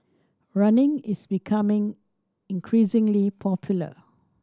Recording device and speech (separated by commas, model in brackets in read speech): standing microphone (AKG C214), read sentence